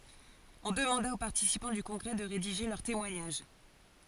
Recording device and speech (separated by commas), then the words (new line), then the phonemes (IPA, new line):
forehead accelerometer, read sentence
On demanda aux participants du congrès de rédiger leur témoignage.
ɔ̃ dəmɑ̃da o paʁtisipɑ̃ dy kɔ̃ɡʁɛ də ʁediʒe lœʁ temwaɲaʒ